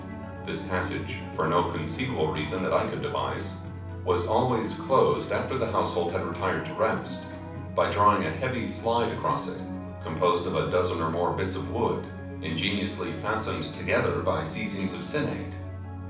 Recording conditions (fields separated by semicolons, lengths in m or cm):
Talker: one person; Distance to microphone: 5.8 m; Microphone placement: far; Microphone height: 1.8 m; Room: medium-sized (5.7 m by 4.0 m); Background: music